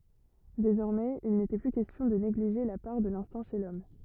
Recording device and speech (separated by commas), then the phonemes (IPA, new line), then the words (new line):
rigid in-ear microphone, read sentence
dezɔʁmɛz il netɛ ply kɛstjɔ̃ də neɡliʒe la paʁ də lɛ̃stɛ̃ ʃe lɔm
Désormais, il n'était plus question de négliger la part de l'instinct chez l'homme.